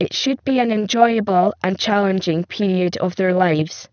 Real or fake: fake